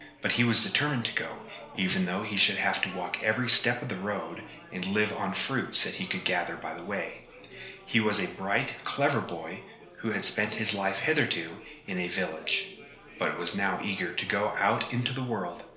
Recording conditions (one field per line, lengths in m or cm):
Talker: one person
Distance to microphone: 1.0 m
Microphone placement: close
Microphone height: 1.1 m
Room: small (3.7 m by 2.7 m)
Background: babble